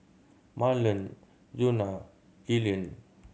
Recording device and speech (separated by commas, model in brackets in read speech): mobile phone (Samsung C7100), read sentence